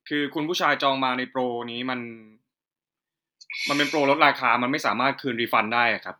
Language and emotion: Thai, neutral